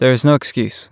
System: none